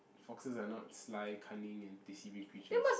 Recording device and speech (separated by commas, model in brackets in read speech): boundary microphone, conversation in the same room